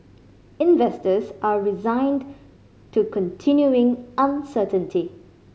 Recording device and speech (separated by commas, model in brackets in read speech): mobile phone (Samsung C5010), read sentence